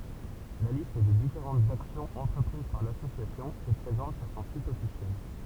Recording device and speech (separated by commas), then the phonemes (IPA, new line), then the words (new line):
temple vibration pickup, read sentence
la list de difeʁɑ̃tz aksjɔ̃z ɑ̃tʁəpʁiz paʁ lasosjasjɔ̃ ɛ pʁezɑ̃t syʁ sɔ̃ sit ɔfisjɛl
La liste des différentes actions entreprises par l'association est présente sur son site officiel.